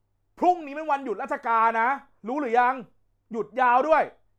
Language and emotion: Thai, angry